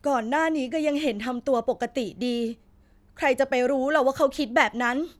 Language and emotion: Thai, neutral